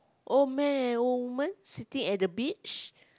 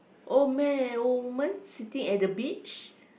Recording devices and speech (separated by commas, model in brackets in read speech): close-talking microphone, boundary microphone, conversation in the same room